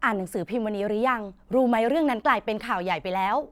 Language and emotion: Thai, happy